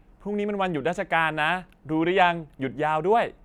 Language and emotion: Thai, happy